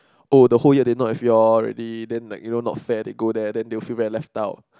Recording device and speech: close-talking microphone, conversation in the same room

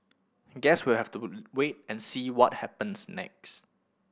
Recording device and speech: boundary microphone (BM630), read sentence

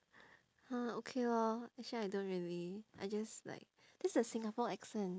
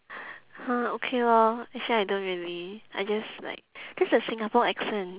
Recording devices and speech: standing microphone, telephone, conversation in separate rooms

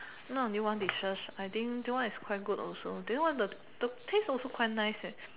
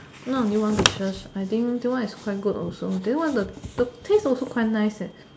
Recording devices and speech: telephone, standing microphone, conversation in separate rooms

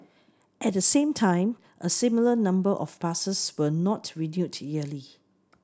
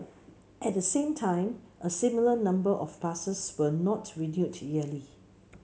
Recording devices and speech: standing microphone (AKG C214), mobile phone (Samsung C7), read sentence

